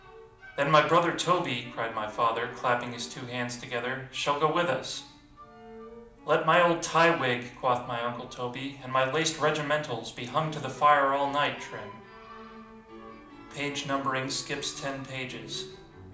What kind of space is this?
A moderately sized room (about 5.7 m by 4.0 m).